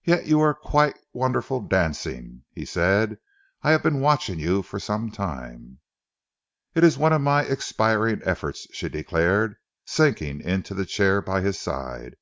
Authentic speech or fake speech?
authentic